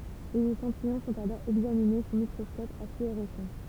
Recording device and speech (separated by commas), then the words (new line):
temple vibration pickup, read sentence
Les échantillons sont alors examinés sous microscope à fluorescence.